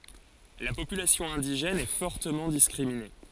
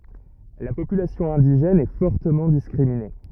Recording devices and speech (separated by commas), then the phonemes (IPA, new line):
forehead accelerometer, rigid in-ear microphone, read sentence
la popylasjɔ̃ ɛ̃diʒɛn ɛ fɔʁtəmɑ̃ diskʁimine